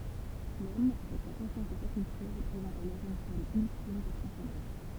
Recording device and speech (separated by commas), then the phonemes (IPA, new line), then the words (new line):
temple vibration pickup, read sentence
lɔm avɛk sa kɔ̃sjɑ̃s e sa kyltyʁ ʁəpʁezɑ̃t alɔʁ yn fɔʁm yltim də tʁɑ̃sɑ̃dɑ̃s
L'homme, avec sa conscience et sa culture, représente alors une forme ultime de transcendance.